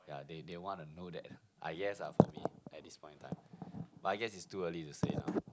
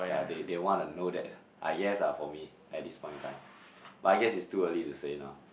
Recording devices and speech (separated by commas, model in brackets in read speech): close-talking microphone, boundary microphone, conversation in the same room